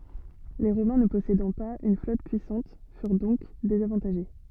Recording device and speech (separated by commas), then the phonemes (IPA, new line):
soft in-ear microphone, read sentence
le ʁomɛ̃ nə pɔsedɑ̃ paz yn flɔt pyisɑ̃t fyʁ dɔ̃k dezavɑ̃taʒe